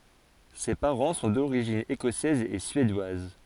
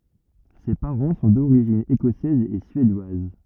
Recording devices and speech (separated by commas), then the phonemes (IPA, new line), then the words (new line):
forehead accelerometer, rigid in-ear microphone, read sentence
se paʁɑ̃ sɔ̃ doʁiʒin ekɔsɛz e syedwaz
Ses parents sont d'origine écossaise et suédoise.